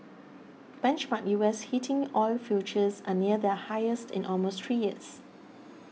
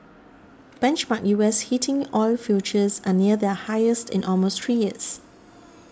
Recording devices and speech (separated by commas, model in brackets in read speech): mobile phone (iPhone 6), standing microphone (AKG C214), read sentence